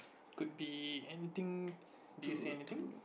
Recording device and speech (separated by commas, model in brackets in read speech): boundary microphone, conversation in the same room